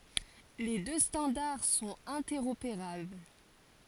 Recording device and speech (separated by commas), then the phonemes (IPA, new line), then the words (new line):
forehead accelerometer, read sentence
le dø stɑ̃daʁ sɔ̃t ɛ̃tɛʁopeʁabl
Les deux standards sont interopérables.